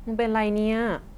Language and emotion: Thai, neutral